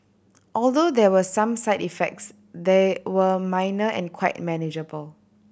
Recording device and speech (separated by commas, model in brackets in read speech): boundary microphone (BM630), read sentence